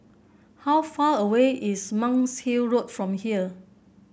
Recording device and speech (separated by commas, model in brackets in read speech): boundary microphone (BM630), read sentence